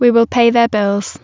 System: none